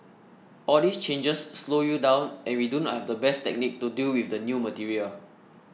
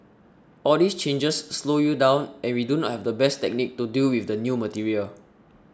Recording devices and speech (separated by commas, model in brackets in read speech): mobile phone (iPhone 6), standing microphone (AKG C214), read sentence